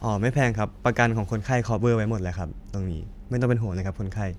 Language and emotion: Thai, neutral